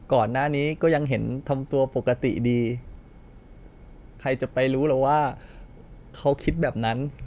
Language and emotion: Thai, sad